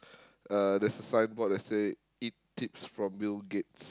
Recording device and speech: close-talking microphone, conversation in the same room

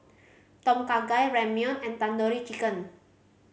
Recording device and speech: mobile phone (Samsung C5010), read sentence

